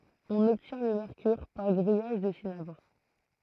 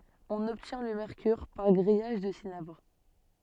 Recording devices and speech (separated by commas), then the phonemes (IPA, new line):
throat microphone, soft in-ear microphone, read sentence
ɔ̃n ɔbtjɛ̃ lə mɛʁkyʁ paʁ ɡʁijaʒ dy sinabʁ